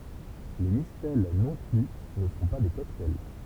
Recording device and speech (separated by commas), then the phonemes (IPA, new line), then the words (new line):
temple vibration pickup, read sentence
le mistɛl nɔ̃ ply nə sɔ̃ pa de kɔktaj
Les mistelles non plus ne sont pas des cocktails.